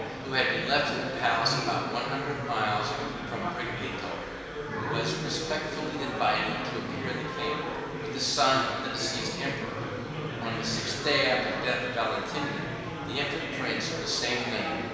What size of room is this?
A large, echoing room.